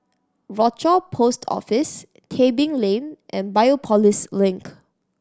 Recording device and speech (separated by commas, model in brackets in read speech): standing microphone (AKG C214), read sentence